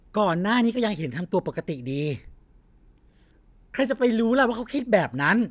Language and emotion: Thai, frustrated